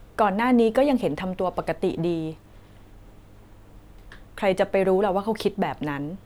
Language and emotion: Thai, neutral